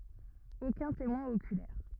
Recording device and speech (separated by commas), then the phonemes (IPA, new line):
rigid in-ear microphone, read sentence
okœ̃ temwɛ̃ okylɛʁ